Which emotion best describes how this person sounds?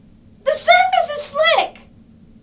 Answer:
fearful